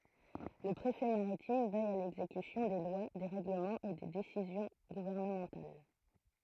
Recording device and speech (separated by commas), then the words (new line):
throat microphone, read sentence
Le préfet maritime veille à l'exécution des lois, des règlements et des décisions gouvernementales.